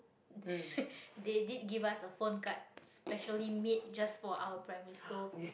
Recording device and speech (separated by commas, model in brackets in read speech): boundary microphone, conversation in the same room